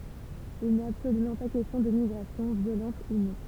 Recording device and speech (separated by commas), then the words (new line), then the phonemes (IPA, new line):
temple vibration pickup, read sentence
Il n'est absolument pas question de migration, violente ou non.
il nɛt absolymɑ̃ pa kɛstjɔ̃ də miɡʁasjɔ̃ vjolɑ̃t u nɔ̃